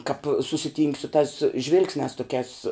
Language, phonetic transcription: Lithuanian, kap susiˈtynk' su tās ˈžvilgsniās toˈkiās

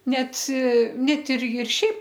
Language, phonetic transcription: Lithuanian, ˈnet ˈnet ˈir ir ˈšiaip

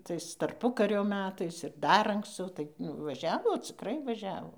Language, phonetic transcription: Lithuanian, ˈtais tarˈpukario ˈmetais ir ˈdar ankˈscau ˈtai nu vaˈžiavo ciˈkrai vaˈžiavo

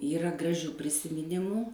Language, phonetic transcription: Lithuanian, ˈyra graˈžių prisimiˈnimų

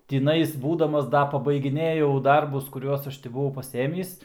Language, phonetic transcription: Lithuanian, tiˈnais ˈbūdamas ˈda pabaigiˈnėjau ˈdarbus kuˈriuos ˈaš ti buˈvau paˈsėmįs

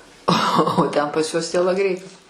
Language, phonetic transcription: Lithuanian, o o ˈten pas ˈjuos tielaˈgrei

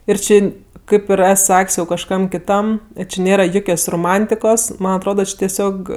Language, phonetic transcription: Lithuanian, ir ˈči ˈkaip jau ir ˈes ˈsak's' jau kažˈkam kiˈtam ˈči ˈnėra ˈjukios roˈmantikos ˈman atˈroda ˈči teˈsiog

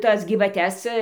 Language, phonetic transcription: Lithuanian, ˈtas gyvaˈtes

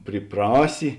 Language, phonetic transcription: Lithuanian, pryˈprasi

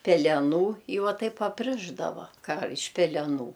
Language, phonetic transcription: Lithuanian, peleˈnų i ˈva ˈtaip apˈrišdava ˈką iš peleˈnų

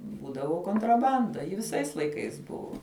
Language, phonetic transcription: Lithuanian, ˈbūdavo kontraˈbanda ji viˈsais laiˈkais ˈbuvo

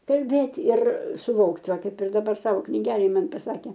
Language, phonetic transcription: Lithuanian, kalˈbėti ir suˈvokt ˈva ˈkaip ir daˈbar ˈsavo kniˈgelėj ˈman paˈsakė

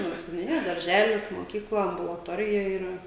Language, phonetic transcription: Lithuanian, ˈnu seniuniˈja darˈželis moˈkykla ambulaˈtorija yˈra

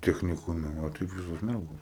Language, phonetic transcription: Lithuanian, techniˈkume o ˈtaip ˈvisos ˈmergos

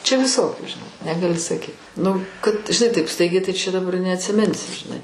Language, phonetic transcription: Lithuanian, čia viˈsokių žiˈnai negaˈli saˈkyt ˈnu kad žiˈnai taip ˈstaigiai tai čia daˈbar neatsiˈminsi žiˈnai

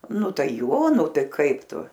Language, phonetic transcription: Lithuanian, ˈnu ˈtai ˈjo ˈnu ˈtai ˈkaip ˈtu

